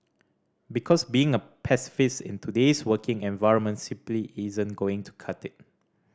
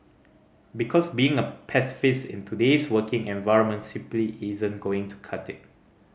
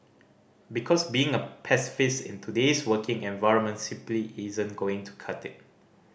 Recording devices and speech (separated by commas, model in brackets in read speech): standing microphone (AKG C214), mobile phone (Samsung C5010), boundary microphone (BM630), read sentence